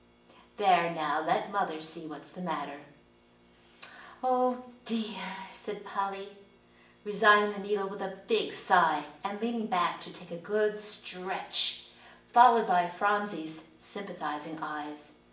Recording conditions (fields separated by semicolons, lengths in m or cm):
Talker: one person; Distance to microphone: 1.8 m; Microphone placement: close; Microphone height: 1.0 m; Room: large; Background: none